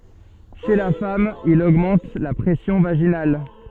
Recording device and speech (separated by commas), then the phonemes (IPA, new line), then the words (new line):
soft in-ear microphone, read sentence
ʃe la fam il oɡmɑ̃t la pʁɛsjɔ̃ vaʒinal
Chez la femme il augmente la pression vaginale.